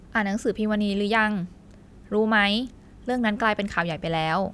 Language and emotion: Thai, neutral